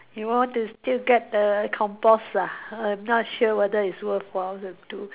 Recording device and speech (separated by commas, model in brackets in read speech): telephone, conversation in separate rooms